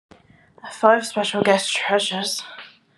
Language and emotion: English, surprised